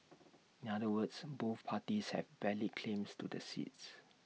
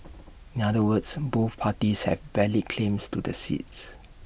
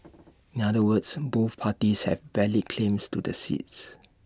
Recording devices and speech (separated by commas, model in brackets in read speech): mobile phone (iPhone 6), boundary microphone (BM630), standing microphone (AKG C214), read sentence